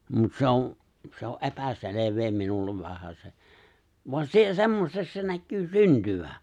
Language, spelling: Finnish, mutta se on se on epäselvää minulle vähäsen vaan - semmoiseksi se näkyy syntyvän
- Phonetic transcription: 'mut se on̬ , se o’ "’e̬päselev̀ee 'minullev vähäse , voan 'si- 'semmoseks se 'näkkyy 'syntyvä .

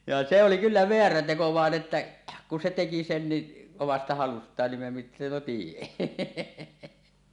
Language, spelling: Finnish, ja se oli kyllä väärä teko vaan että kun se teki sen niin omasta halustaan niin mitäpä siihen
- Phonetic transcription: ja 'se 'oli "kyllä 'veärä 'teko 'vàen 'että , ku se 'teki sen ni , 'omasta 'halust̀aan nim (mitäpä siihen) .

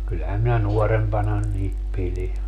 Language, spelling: Finnish, kyllähän minä nuorempana niitä pidin
- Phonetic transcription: 'kyllähäm minä 'nuɔrempana niit 'pili .

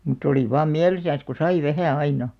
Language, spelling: Finnish, mutta oli vain mielissänsä kun sai vähän aina
- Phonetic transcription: mut̆'t ‿oli 'vaam "miälisän̬s ku "sai 'vähä̀ 'aina .

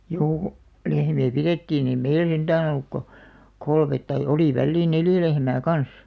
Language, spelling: Finnish, juu lehmiä pidettiin ei meillä sentään ollut kuin kolme tai oli väliin neljä lehmää kanssa
- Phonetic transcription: juu , 'lehmi₍ä "pirettiin ‿ei "meil 'senᴅää'n ‿olluk ko , "kolmet tai 'oli 'välliin "neljä lehmää "kans .

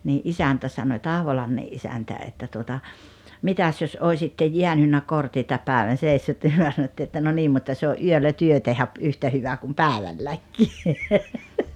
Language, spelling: Finnish, niin isäntä sanoi Tahvolammen isäntä että tuota mitäs jos olisitte jäänyt kortitta päivän seissyt niin me sanottiin että no niin mutta se on yöllä te tehdä - yhtä hyvä kuin päivälläkin
- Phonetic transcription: nii’ "’isäntä sanoⁱ 'Tahvolamme’ ’isäntä että tuota , » 'mitäs jos 'oisitte "jiänynnä "kortita 'pä̀evän̬ sèissyt « ni 'myö sanottii että » no 'niim mutta se o’ ’yöllä 'työ tehä ‿p- , 'yhtä hyva kum "pä̀evälläkkii « .

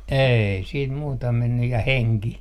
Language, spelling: Finnish, ei sitten muuta mennyt ja henki
- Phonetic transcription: 'ei siit muuta mennyj ja "heŋki .

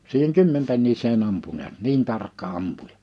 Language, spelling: Finnish, siihen kymmenpenniseen ampui näet niin tarkka ampuja
- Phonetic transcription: 'siiheŋ "kymmempennis̀ee'n ‿ampu niät "niin tarkka 'ampujᴀ .

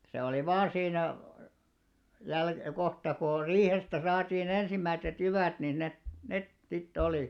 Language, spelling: Finnish, se oli vain siinä - kohta kun on riihestä saatiin ensimmäiset jyvät niin ne ne sitten oli
- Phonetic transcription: se oli 'vaa 'siinä , jäl- 'kohta ku or "riihestä 'saatii'n ‿ensimmäittet 'jyvä̀t nin 'net , 'net 'sittᵉ olì .

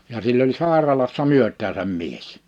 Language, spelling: Finnish, ja sillä oli sairaalassa myötäänsä mies
- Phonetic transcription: ja sill ‿oĺ 'sàeralassa 'myöt̆tääsäm 'mies .

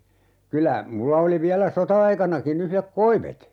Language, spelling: Finnish, kyllä minulla oli vielä sota-aikanakin yhdet koivet
- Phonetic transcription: 'kylä , 'mulla oli 'viälä "sota₍aikanaki'n ‿yhlek "koivet .

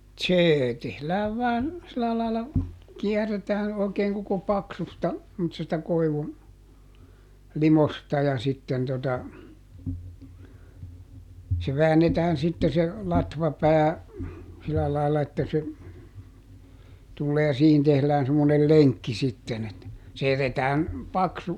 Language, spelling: Finnish, se tehdään vain sillä lailla kierretään oikein koko paksusta semmoisesta koivun limosta ja sitten tuota se väännetään sitten se latvapää sillä lailla että se tulee ja siihen tehdään semmoinen lenkki sitten että se jätetään paksu
- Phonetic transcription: "see , ˈtehlääv vaan , silä laila , ˈkiɛr̆retään , òi̮keeŋ koko "paksusta , [sem]motsesta ˈkoivun , "limosta ja sitten tota , se ˈväännetään sitte se , "latvapää , ˈsilä lailla että se , tullee ja ˈsiihin tehlään semmonel "leŋkki sitten ‿et , se ˈjätetään , "paksu ,.

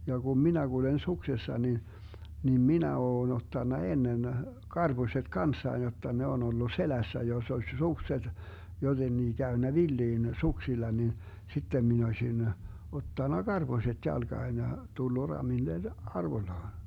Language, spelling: Finnish, ja kun minä kuljen suksessa niin niin minä olen ottanut ennen karpuset kanssani jotta ne on ollut selässä jos olisi sukset jotenkin käynyt villiin suksilla niin sitten minä olisin ottanut karposet jalkaan ja tullut ramille arvollaan
- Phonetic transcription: ja Gum "minä Gulen 'suksessa ni , nim "minä 'oon 'ottanna 'ennen , 'karBuset "kanssain jotta 'ne on ‿ollu "selässä joss ‿oś 'sukset , 'jotennii 'käynnä "villiin 'suksilla nin , 'sittem min ‿ośin , 'ottanna "GarBoset 'jalGaan ja , 'tullu 'ramillen , "arvoⁱllaan̬ .

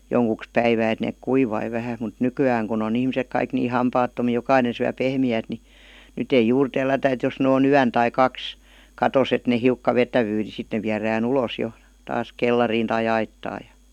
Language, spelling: Finnish, joksikin päivää että ne kuivui vähän mutta nykyään kun on ihmiset kaikki niin hampaattomia jokainen syö pehmeää niin nyt ei juuri tellätä että jos nyt on yön tai kaksi katossa että ne hiukka vetäytyy niin sitten ne viedään ulos jo taas kellariin tai aittaan ja
- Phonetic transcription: 'joŋkuks "päivää et 'neek "kuivai vähä mut "nyky₍ääŋ kun ‿on ‿ihmisek 'kaik nii "hampaattomii 'jokainen̬ syä 'pehmi₍äät ni , 'nyt ‿ei "juur 'tellätä et jos nᵉ oo"n ‿yän tai "kaks , "katos et ne 'hiukka 'vetävyy ni 'sit ne viärää"n ‿ulòs 'jo , 'taas "kellariin tai 'aittaa jA .

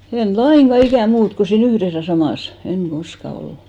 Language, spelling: Finnish, en lainkaan ikänä muuta kun siinä yhdessä ja samassa en koskaan ollut
- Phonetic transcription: en "laiŋɢa 'ikä̀ "muut , ko sii'n ‿yhres ja 'samàs , eŋ "ɢoska 'ollu .

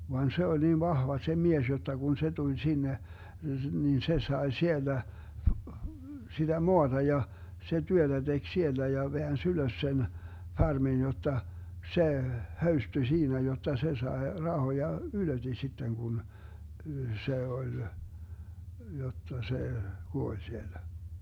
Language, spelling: Finnish, vaan se oli niin vahva se mies jotta kun se tuli sinne niin se sai siellä sitä maata ja se työtä teki siellä ja väänsi ylös sen farmin jotta se höystyi siinä jotta se sai rahoja ylöti sitten kun se oli jotta se kuoli siellä
- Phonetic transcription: van 'se oĺ niin 'vahva se 'mies jotta Gun 'se tuĺ 'sinne , niin 'se 'sae 'siellä , siDä "moaDa ja , se 'työDä 'DeG "siellä ja 'veäns "ylös sen , 'farmin jotta , 'se , "höysty ['vaurastui']'siinä jotta 'se 'sae , 'rahoja , "ylöti 'sitteŋ kun , 'se 'oĺ , jotta 'se , 'kuoĺ siellä .

